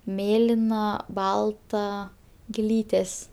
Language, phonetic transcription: Lithuanian, ˈmėlina ˈbalta giˈlytės

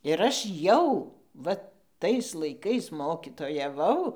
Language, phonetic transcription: Lithuanian, ir ˈaš ˈjau ˈva ˈtais laiˈkais ˌmokytojaˈvau

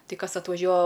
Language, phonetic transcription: Lithuanian, ˈtai ˈkas atvaˈžiuoa

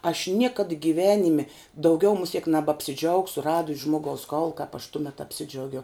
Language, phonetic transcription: Lithuanian, aš ˈniekad giˈvenimi ˈdaugiau muˈsiek nebapsiˈdžaugsu ˈradus ˈžmogaus ˈkaulu kap aš ˈtumet apˈsidžiaugiau

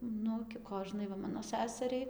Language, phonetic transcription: Lithuanian, ˈnu gi ˈkožnai va ˈmano ˈsæseriai

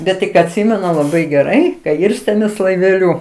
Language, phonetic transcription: Lithuanian, bet tik atˈsimenu laˈbai geˈrai ka ˈirstėmės laiveˈliu

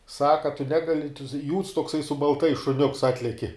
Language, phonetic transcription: Lithuanian, ˈsaka a tu ˈnegali jūds tokˈsai su balˈtais šuˈniuks atˈleki

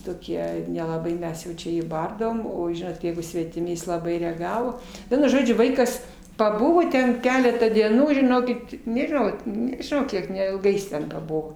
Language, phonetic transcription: Lithuanian, toˈkie nelaˈbai ˈmes jau ˈčia ˈjį ˈbardavom o ˈžinot ˈjeigu svetiˈmi ˈjis laˈbai reaˈgavo ˈvienu ˈžodžiu ˈvaikas paˈbuvo ˈten ˈkeletą dieˈnų žiˈnokit nežiˈnau nežiˈnau ˈkiek neilˈgai jis ten paˈbuvo

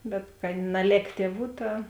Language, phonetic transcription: Lithuanian, bet kad naˈlėk ˈtieˌvų ˈta

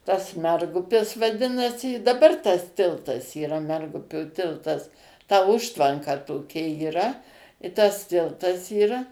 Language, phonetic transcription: Lithuanian, tas ˈmergupis vaˈdinasi i daˈbar tas ˈtiltas yˈra ˈmergupio ˈtiltas ta ˈužtvanka toˈkia yˈra i ˈtas ˈtiltas yra

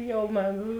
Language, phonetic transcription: Lithuanian, ˈjau ma

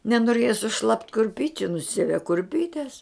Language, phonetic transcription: Lithuanian, nenoˈrėja suˈšlapt kurˈpyčiu nuˈsieve kurˈpytes

